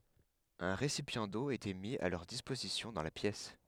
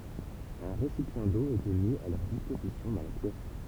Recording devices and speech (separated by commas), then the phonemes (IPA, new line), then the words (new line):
headset microphone, temple vibration pickup, read sentence
œ̃ ʁesipjɑ̃ do etɛ mi a lœʁ dispozisjɔ̃ dɑ̃ la pjɛs
Un récipient d’eau était mis à leur disposition dans la pièce.